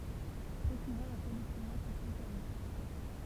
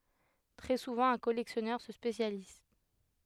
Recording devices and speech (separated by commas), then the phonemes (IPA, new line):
temple vibration pickup, headset microphone, read sentence
tʁɛ suvɑ̃ œ̃ kɔlɛksjɔnœʁ sə spesjaliz